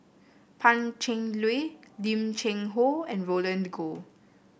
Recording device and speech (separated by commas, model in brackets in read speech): boundary microphone (BM630), read sentence